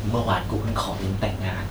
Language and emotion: Thai, neutral